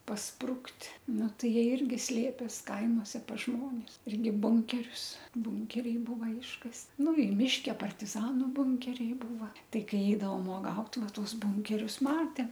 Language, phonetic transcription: Lithuanian, pasˈprukt' ˈnu ˈtai ˈjie ˈirgi ˈslėpės ˈkaimose pas ˈžmonis ˈirgi ˈbunkerius ˈbunkeriai ˈbūva ˈiškast ˈnu i ˈmiške partiˈzanu ˈbunkeriai ˈbūva ˈtai ˈkai ˈeidavom uoˈgaut ˈvaˈtuos ˈbunkerius ˈmatem

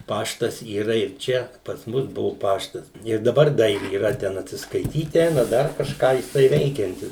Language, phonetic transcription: Lithuanian, ˈpaštas yˈra ir ˈčia pas ˈmus ˈbuvu ˈpaštas ir daˈbar da yˈra ˈten atsiskaiˈtyt ˈeina ˈdar kažˈką jiˈsai ˈveikiantis

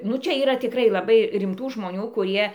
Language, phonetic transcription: Lithuanian, nu ˈčia yˈra tikˈrai laˈbai rimˈtų žmoˈnių kuˈrie

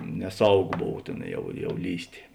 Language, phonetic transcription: Lithuanian, neˈsauˌgo ˈbov ˈtėn jau ˈjau ˈlįstė

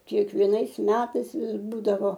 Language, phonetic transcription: Lithuanian, kiekvieˈnais ˈmetais ˈvis ˈbūdavo

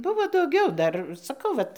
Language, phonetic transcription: Lithuanian, ˈbuvo dauˈgiau ˈdar saˈkau ˈvat

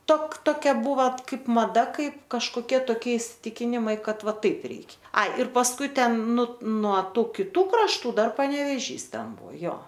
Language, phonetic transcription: Lithuanian, tok toˈkia ˈbūva ˈkaip maˈda ˈkaip kažkoˈkie toˈkie isiˈtikinimai ˈkad ˈva ˈtaip ˈreik' ˈai ir pasˈkui ˈten nu nuo ˈtų kiˈtų krašˈtų ˈdar paneveˈžys ˈten ˈbuo ˈjo

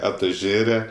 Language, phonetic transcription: Lithuanian, atuˈžėre

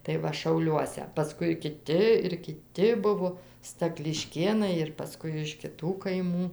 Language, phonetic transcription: Lithuanian, tai ˈva šauˈliuose paˈskui kiˈti ir kiˈti ˈbuvo stakliˈškėnai ir paˈskui iš kiˈtų kaiˈmų

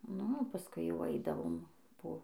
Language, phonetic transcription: Lithuanian, nu o paˈskui jau ˈaidavom po

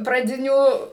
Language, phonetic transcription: Lithuanian, praˈdinių

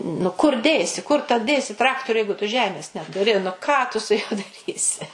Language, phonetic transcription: Lithuanian, nu kur ˈdėsi kur ta ˈdėsi ˈtraktoriu ˈjeigu tu ˈžemės netuˈri nu ˈką tu su ˈjuo daˈrysi

